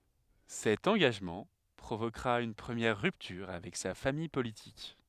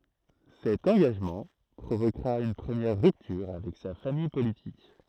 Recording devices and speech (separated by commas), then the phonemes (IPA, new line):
headset microphone, throat microphone, read sentence
sɛt ɑ̃ɡaʒmɑ̃ pʁovokʁa yn pʁəmjɛʁ ʁyptyʁ avɛk sa famij politik